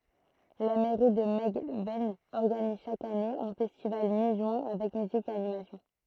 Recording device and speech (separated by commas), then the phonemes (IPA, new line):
throat microphone, read sentence
la mɛʁi də mɛlɡvɛn ɔʁɡaniz ʃak ane œ̃ fɛstival mi ʒyɛ̃ avɛk myzik e animasjɔ̃